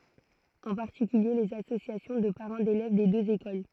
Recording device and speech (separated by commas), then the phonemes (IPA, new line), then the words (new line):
throat microphone, read sentence
ɑ̃ paʁtikylje lez asosjasjɔ̃ də paʁɑ̃ delɛv de døz ekol
En particulier les associations de parents d'élèves des deux écoles.